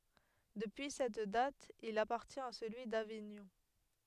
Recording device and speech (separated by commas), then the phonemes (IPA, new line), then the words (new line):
headset microphone, read sentence
dəpyi sɛt dat il apaʁtjɛ̃t a səlyi daviɲɔ̃
Depuis cette date, il appartient à celui d'Avignon.